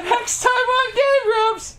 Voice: high-pitched voice